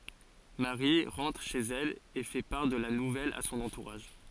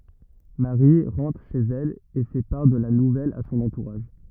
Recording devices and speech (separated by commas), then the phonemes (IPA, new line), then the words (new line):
forehead accelerometer, rigid in-ear microphone, read sentence
maʁi ʁɑ̃tʁ ʃez ɛl e fɛ paʁ də la nuvɛl a sɔ̃n ɑ̃tuʁaʒ
Marie rentre chez elle et fait part de la nouvelle à son entourage.